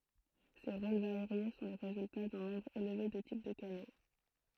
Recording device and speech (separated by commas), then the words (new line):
throat microphone, read sentence
Ces rôles variés sont le résultat d'un nombre élevé de types de canaux.